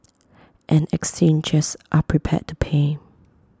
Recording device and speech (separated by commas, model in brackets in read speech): close-talking microphone (WH20), read sentence